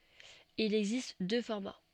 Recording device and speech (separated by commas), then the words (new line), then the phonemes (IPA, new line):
soft in-ear microphone, read sentence
Il existe deux formats.
il ɛɡzist dø fɔʁma